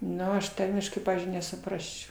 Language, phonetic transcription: Lithuanian, ˈnu aš ˈtarmiškai ˈpavyzdžiui nesuˈprasčiau

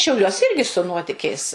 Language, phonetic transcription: Lithuanian, šiauˈliuos ˈirgi su ˈnuotikiais

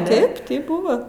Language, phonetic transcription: Lithuanian, ˈtaip taip ˈbuva

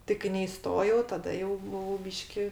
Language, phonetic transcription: Lithuanian, ˈti kai neiˈstojau taˈda jau buˈvau ˈbyški

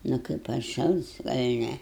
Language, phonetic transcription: Lithuanian, ˈnu kaip atˈšals gal' ˈne

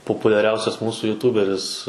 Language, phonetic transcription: Lithuanian, populiaˈriausias ˈmūsų juˈtūberis

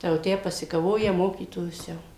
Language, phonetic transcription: Lithuanian, ˈtai jau ˈtę pasikaˈvoja ˈmokytojus ˈjau

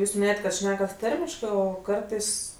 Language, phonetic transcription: Lithuanian, ˈjūs miˈnėjat' kad ˈšnekat ˈtarmiškɜ ˈo ˈkartais

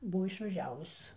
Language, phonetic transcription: Lithuanian, ˈbu išvaˈžiavus

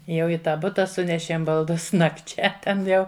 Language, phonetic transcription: Lithuanian, ˈjau i ˈtą ˈbuta ˈsunešėm balˈdus nakˈčia ˈten ˈjau

